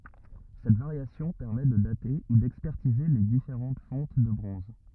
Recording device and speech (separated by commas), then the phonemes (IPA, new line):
rigid in-ear microphone, read sentence
sɛt vaʁjasjɔ̃ pɛʁmɛ də date u dɛkspɛʁtize le difeʁɑ̃t fɔ̃t də bʁɔ̃z